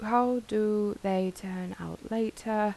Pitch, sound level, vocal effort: 215 Hz, 82 dB SPL, soft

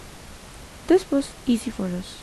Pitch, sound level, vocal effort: 245 Hz, 77 dB SPL, soft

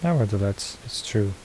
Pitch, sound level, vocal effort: 105 Hz, 72 dB SPL, soft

